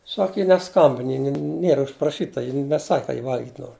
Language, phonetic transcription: Lithuanian, ˈsak ˈji neˈskambin ˈji ni ˈniera užpraˈšyta ˈji neˈsak' ka ji ˈval'git' ˈnor

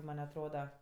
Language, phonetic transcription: Lithuanian, ˈman' atˈroda

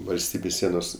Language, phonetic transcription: Lithuanian, valˈstybės ˈsienos

